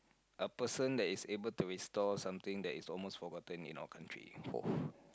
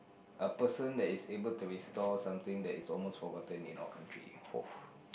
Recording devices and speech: close-talking microphone, boundary microphone, conversation in the same room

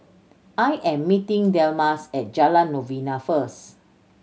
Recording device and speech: mobile phone (Samsung C7100), read sentence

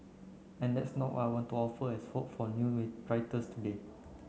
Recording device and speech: mobile phone (Samsung C9), read sentence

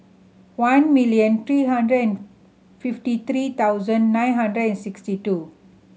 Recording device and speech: mobile phone (Samsung C7100), read sentence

